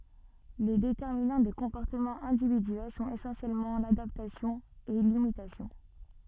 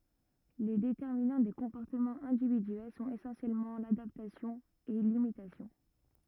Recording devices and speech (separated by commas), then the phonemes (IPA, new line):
soft in-ear microphone, rigid in-ear microphone, read sentence
le detɛʁminɑ̃ de kɔ̃pɔʁtəmɑ̃z ɛ̃dividyɛl sɔ̃t esɑ̃sjɛlmɑ̃ ladaptasjɔ̃ e limitasjɔ̃